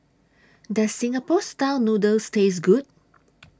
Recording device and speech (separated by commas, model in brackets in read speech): standing microphone (AKG C214), read sentence